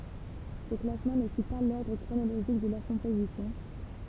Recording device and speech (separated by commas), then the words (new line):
temple vibration pickup, read sentence
Ce classement ne suit pas l'ordre chronologique de leur composition.